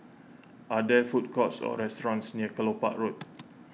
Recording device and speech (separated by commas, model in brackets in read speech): mobile phone (iPhone 6), read sentence